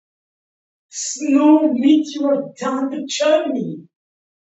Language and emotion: English, happy